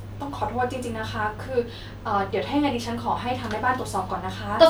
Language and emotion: Thai, sad